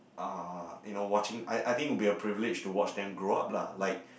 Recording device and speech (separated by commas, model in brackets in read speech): boundary microphone, conversation in the same room